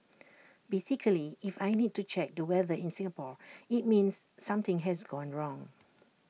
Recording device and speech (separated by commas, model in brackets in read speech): mobile phone (iPhone 6), read sentence